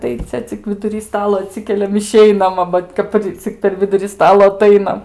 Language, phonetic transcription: Lithuanian, tai ˈcia cik viduˈry ˈstalo aˈtsikeliam iˈšeinam a ˈvat kataˈri cik per ˈviduri ˈstalo aˈtainam

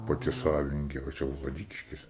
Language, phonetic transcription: Lithuanian, paˈti ˈsavininkė o čia vlaˈdykiškėse

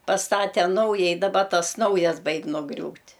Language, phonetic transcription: Lithuanian, pasˈtate ˈnaujai daˈba ˈtas ˈnaujas ˈbaig' nuˈgriūt'

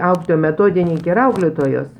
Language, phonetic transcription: Lithuanian, ˈauklėtoja meˈtodininkė ir ˈauklėtojos

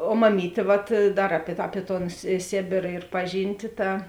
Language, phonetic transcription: Lithuanian, o maˈmytė vat ˈdar ˈapie ta ˈapie ton sė ˈsėbėra ir ˈpaˌžynti ˈta

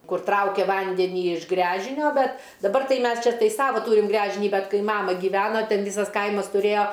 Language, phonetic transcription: Lithuanian, ˈkur ˈtraukia ˈvandenį iš ˈgręžinio ˈbet daˈbar ˈtai ˈmes ˈčia tai ˈsava ˈtūrim ˈgręžinį ˈbet ˈkai ˈmama gyˈvena ˈten ˈvysas ˈkaimas tuˈrėjo

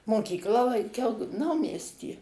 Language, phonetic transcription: Lithuanian, moˈkyklą lanˈkiau ˈnaumiesty

